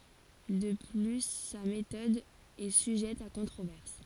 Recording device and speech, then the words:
forehead accelerometer, read sentence
De plus sa méthode est sujette à controverses.

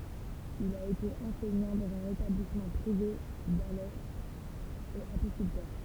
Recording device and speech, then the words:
temple vibration pickup, read sentence
Il a été enseignant dans un établissement privé d'Alès, et apiculteur.

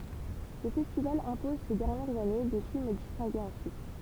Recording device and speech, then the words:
temple vibration pickup, read sentence
Le festival impose ces dernières années des films distingués ensuite.

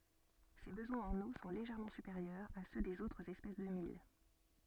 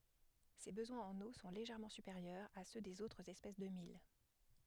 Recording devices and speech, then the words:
soft in-ear microphone, headset microphone, read sentence
Ses besoins en eau sont légèrement supérieurs à ceux des autres espèces de mil.

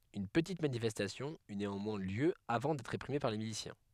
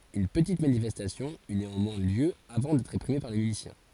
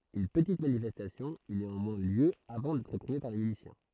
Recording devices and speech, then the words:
headset microphone, forehead accelerometer, throat microphone, read sentence
Une petite manifestation eut néanmoins lieu avant d'être réprimée par les miliciens.

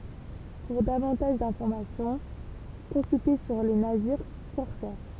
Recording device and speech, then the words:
temple vibration pickup, read sentence
Pour davantage d'informations, consulter sur les navires corsaires.

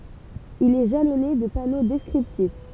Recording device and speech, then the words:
temple vibration pickup, read sentence
Il est jalonné de panneaux descriptifs.

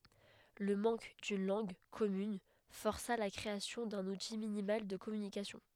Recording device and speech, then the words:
headset microphone, read sentence
Le manque d'une langue commune força la création d'un outil minimal de communication.

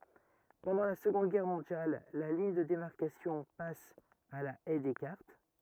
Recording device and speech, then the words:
rigid in-ear microphone, read sentence
Pendant la Seconde Guerre mondiale, la ligne de démarcation passe à la Haye Descartes.

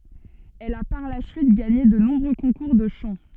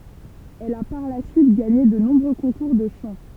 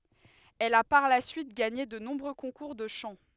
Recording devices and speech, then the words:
soft in-ear microphone, temple vibration pickup, headset microphone, read sentence
Elle a par la suite gagné de nombreux concours de chant.

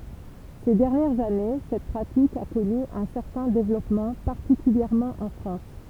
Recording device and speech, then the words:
temple vibration pickup, read sentence
Ces dernières années, cette pratique a connu un certain développement, particulièrement en France.

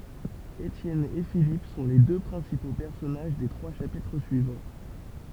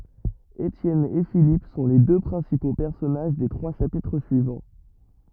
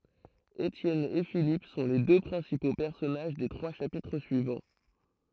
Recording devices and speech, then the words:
temple vibration pickup, rigid in-ear microphone, throat microphone, read sentence
Étienne et Philippe sont les deux principaux personnages des trois chapitres suivants.

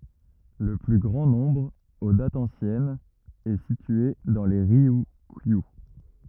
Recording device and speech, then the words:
rigid in-ear microphone, read sentence
Le plus grand nombre, aux dates anciennes, est situé dans les Ryukyu.

